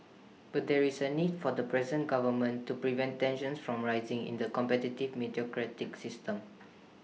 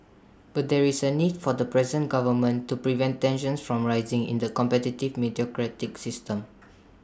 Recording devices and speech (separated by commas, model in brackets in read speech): mobile phone (iPhone 6), standing microphone (AKG C214), read sentence